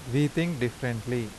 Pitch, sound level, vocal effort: 125 Hz, 83 dB SPL, normal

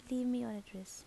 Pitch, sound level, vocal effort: 225 Hz, 78 dB SPL, soft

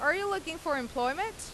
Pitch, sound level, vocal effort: 320 Hz, 93 dB SPL, loud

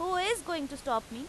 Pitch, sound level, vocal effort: 305 Hz, 92 dB SPL, loud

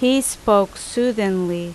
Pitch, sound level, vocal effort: 205 Hz, 85 dB SPL, loud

